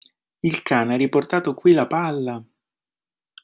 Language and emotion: Italian, surprised